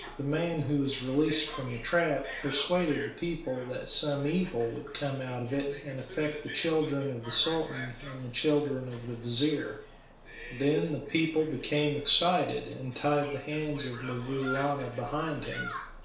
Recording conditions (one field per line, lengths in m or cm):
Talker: one person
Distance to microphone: 1.0 m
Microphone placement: close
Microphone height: 1.1 m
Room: small (3.7 m by 2.7 m)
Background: television